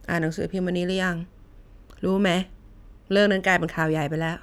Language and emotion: Thai, frustrated